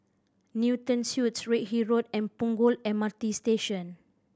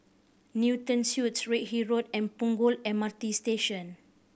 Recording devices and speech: standing microphone (AKG C214), boundary microphone (BM630), read sentence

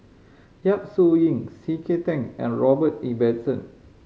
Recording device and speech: mobile phone (Samsung C5010), read sentence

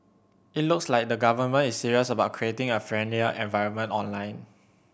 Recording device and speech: boundary microphone (BM630), read sentence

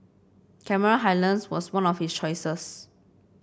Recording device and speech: boundary microphone (BM630), read sentence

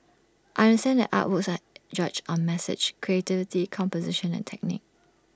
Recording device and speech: standing microphone (AKG C214), read sentence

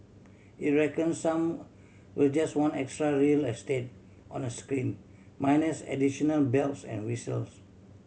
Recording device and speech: mobile phone (Samsung C7100), read sentence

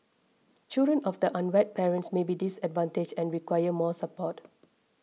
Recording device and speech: mobile phone (iPhone 6), read sentence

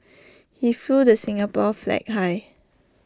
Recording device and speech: standing microphone (AKG C214), read sentence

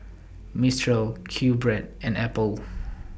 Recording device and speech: boundary microphone (BM630), read sentence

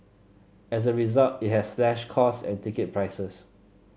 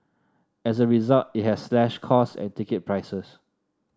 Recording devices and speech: mobile phone (Samsung C7), standing microphone (AKG C214), read sentence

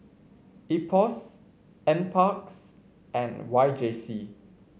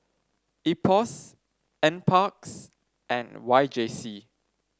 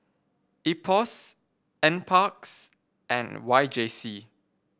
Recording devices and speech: mobile phone (Samsung C5), standing microphone (AKG C214), boundary microphone (BM630), read sentence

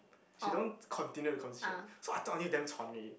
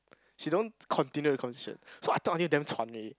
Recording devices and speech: boundary microphone, close-talking microphone, conversation in the same room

